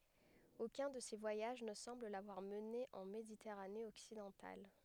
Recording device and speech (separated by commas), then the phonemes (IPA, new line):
headset microphone, read sentence
okœ̃ də se vwajaʒ nə sɑ̃bl lavwaʁ məne ɑ̃ meditɛʁane ɔksidɑ̃tal